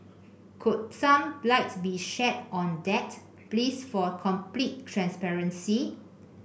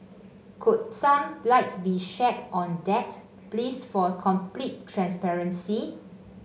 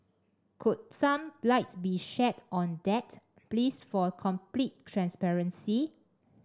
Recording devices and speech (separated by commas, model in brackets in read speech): boundary microphone (BM630), mobile phone (Samsung C5), standing microphone (AKG C214), read sentence